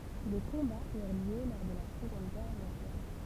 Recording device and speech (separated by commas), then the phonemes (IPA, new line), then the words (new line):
temple vibration pickup, read sentence
de kɔ̃baz yʁ ljø lɔʁ də la səɡɔ̃d ɡɛʁ mɔ̃djal
Des combats eurent lieu lors de la Seconde Guerre mondiale.